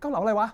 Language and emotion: Thai, angry